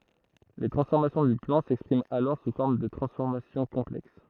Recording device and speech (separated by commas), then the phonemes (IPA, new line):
throat microphone, read sentence
le tʁɑ̃sfɔʁmasjɔ̃ dy plɑ̃ sɛkspʁimt alɔʁ su fɔʁm də tʁɑ̃sfɔʁmasjɔ̃ kɔ̃plɛks